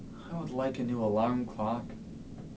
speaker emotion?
sad